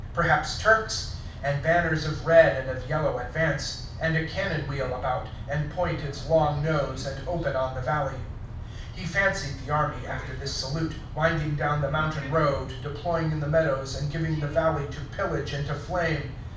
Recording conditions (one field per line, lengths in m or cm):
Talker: one person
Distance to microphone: 5.8 m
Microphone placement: far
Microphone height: 1.8 m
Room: medium-sized (5.7 m by 4.0 m)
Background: television